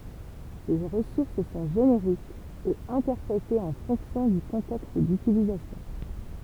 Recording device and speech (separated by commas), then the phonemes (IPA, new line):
temple vibration pickup, read sentence
se ʁəsuʁs sɔ̃ ʒeneʁikz e ɛ̃tɛʁpʁete ɑ̃ fɔ̃ksjɔ̃ dy kɔ̃tɛkst dytilizasjɔ̃